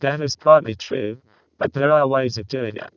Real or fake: fake